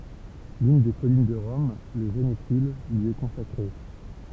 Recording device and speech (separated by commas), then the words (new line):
temple vibration pickup, read sentence
L'une des collines de Rome, le Janicule, lui est consacrée.